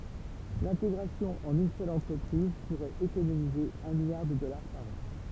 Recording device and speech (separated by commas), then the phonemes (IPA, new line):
temple vibration pickup, read sentence
lɛ̃teɡʁasjɔ̃ ɑ̃n yn sœl ɑ̃tʁəpʁiz puʁɛt ekonomize œ̃ miljaʁ də dɔlaʁ paʁ ɑ̃